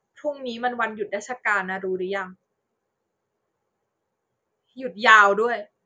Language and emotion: Thai, frustrated